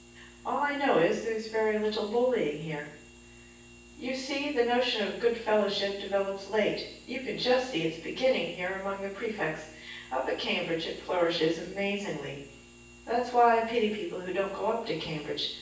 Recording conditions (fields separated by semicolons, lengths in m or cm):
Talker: one person; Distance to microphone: 9.8 m; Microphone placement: far; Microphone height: 1.8 m; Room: large; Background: none